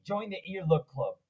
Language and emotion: English, angry